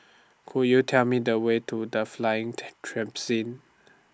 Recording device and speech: standing microphone (AKG C214), read sentence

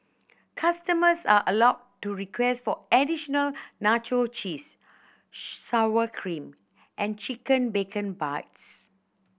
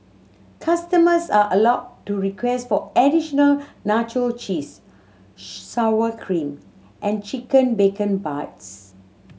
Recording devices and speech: boundary microphone (BM630), mobile phone (Samsung C7100), read sentence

